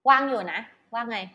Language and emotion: Thai, happy